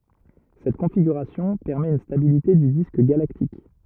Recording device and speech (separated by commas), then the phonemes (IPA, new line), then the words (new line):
rigid in-ear microphone, read sentence
sɛt kɔ̃fiɡyʁasjɔ̃ pɛʁmɛt yn stabilite dy disk ɡalaktik
Cette configuration permet une stabilité du disque galactique.